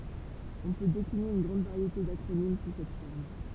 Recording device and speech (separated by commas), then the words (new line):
temple vibration pickup, read sentence
On peut décliner une grande variété d'acronymes sous cette forme.